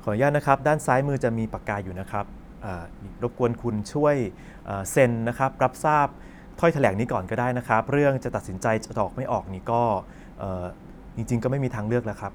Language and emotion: Thai, neutral